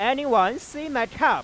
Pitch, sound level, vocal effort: 280 Hz, 101 dB SPL, loud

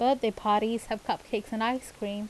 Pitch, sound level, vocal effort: 225 Hz, 83 dB SPL, normal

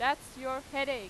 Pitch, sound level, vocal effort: 275 Hz, 96 dB SPL, very loud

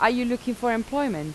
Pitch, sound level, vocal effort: 245 Hz, 86 dB SPL, normal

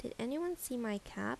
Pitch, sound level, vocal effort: 235 Hz, 77 dB SPL, soft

